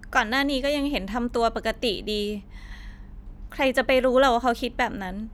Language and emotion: Thai, sad